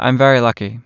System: none